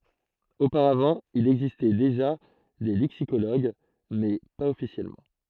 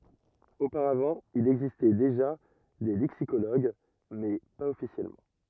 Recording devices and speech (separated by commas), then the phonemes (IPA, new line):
throat microphone, rigid in-ear microphone, read sentence
opaʁavɑ̃ il ɛɡzistɛ deʒa de lɛksikoloɡ mɛ paz ɔfisjɛlmɑ̃